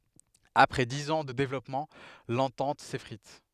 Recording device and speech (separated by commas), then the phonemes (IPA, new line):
headset microphone, read sentence
apʁɛ diz ɑ̃ də devlɔpmɑ̃ lɑ̃tɑ̃t sefʁit